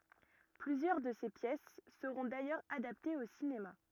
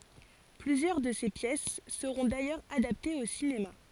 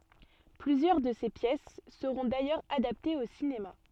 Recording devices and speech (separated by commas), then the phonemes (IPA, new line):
rigid in-ear microphone, forehead accelerometer, soft in-ear microphone, read sentence
plyzjœʁ də se pjɛs səʁɔ̃ dajœʁz adaptez o sinema